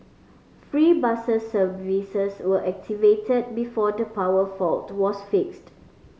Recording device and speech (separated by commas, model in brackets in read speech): mobile phone (Samsung C5010), read sentence